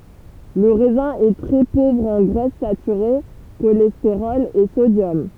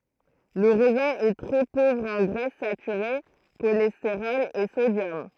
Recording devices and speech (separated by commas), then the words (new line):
temple vibration pickup, throat microphone, read sentence
Le raisin est très pauvre en graisses saturées, cholestérol et sodium.